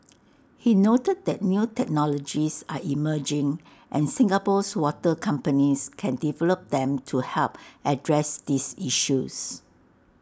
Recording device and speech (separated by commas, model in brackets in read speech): standing microphone (AKG C214), read sentence